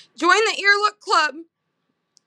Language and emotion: English, sad